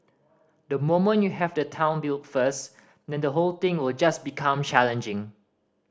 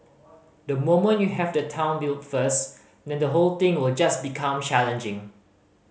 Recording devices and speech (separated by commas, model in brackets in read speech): standing microphone (AKG C214), mobile phone (Samsung C5010), read sentence